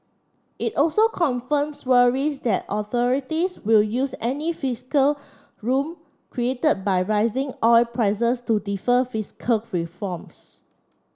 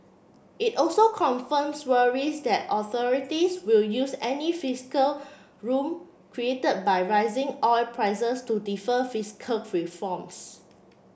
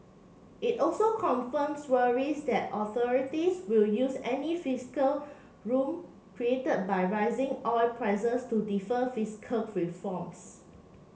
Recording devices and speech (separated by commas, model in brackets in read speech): standing microphone (AKG C214), boundary microphone (BM630), mobile phone (Samsung C7), read sentence